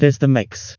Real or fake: fake